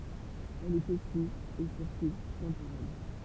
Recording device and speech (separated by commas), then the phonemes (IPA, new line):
temple vibration pickup, read sentence
ɛl ɛt osi e syʁtu tɑ̃poʁɛl